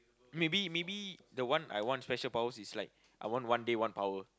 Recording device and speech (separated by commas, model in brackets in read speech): close-talking microphone, conversation in the same room